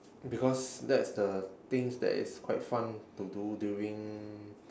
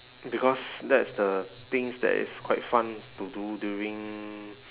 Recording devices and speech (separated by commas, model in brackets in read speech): standing microphone, telephone, conversation in separate rooms